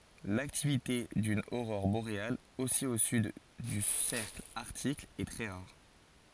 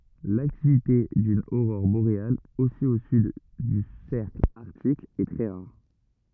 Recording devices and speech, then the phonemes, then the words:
forehead accelerometer, rigid in-ear microphone, read sentence
laktivite dyn oʁɔʁ boʁeal osi o syd dy sɛʁkl aʁtik ɛ tʁɛ ʁaʁ
L'activité d'une aurore boréale aussi au sud du cercle Arctique est très rare.

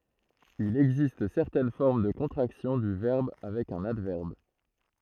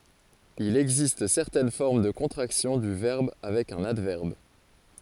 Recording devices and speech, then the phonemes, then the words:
throat microphone, forehead accelerometer, read sentence
il ɛɡzist sɛʁtɛn fɔʁm də kɔ̃tʁaksjɔ̃ dy vɛʁb avɛk œ̃n advɛʁb
Il existe certaines formes de contractions du verbe avec un adverbe.

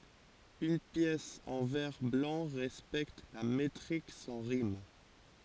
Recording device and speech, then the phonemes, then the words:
forehead accelerometer, read sentence
yn pjɛs ɑ̃ vɛʁ blɑ̃ ʁɛspɛkt la metʁik sɑ̃ ʁim
Une pièce en vers blancs respecte la métrique sans rimes.

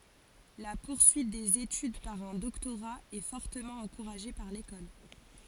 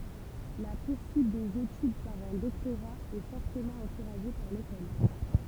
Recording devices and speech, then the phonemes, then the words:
forehead accelerometer, temple vibration pickup, read sentence
la puʁsyit dez etyd paʁ œ̃ dɔktoʁa ɛ fɔʁtəmɑ̃ ɑ̃kuʁaʒe paʁ lekɔl
La poursuite des études par un doctorat est fortement encouragée par l'école.

